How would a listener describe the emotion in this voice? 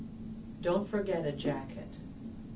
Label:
neutral